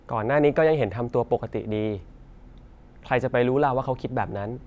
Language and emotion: Thai, neutral